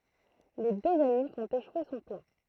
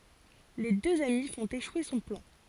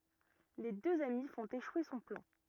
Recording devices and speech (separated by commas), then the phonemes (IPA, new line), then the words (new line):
throat microphone, forehead accelerometer, rigid in-ear microphone, read sentence
le døz ami fɔ̃t eʃwe sɔ̃ plɑ̃
Les deux amis font échouer son plan.